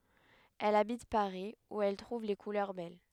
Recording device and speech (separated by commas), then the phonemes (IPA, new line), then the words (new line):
headset microphone, read sentence
ɛl abit paʁi u ɛl tʁuv le kulœʁ bɛl
Elle habite Paris où elle trouve les couleurs belles.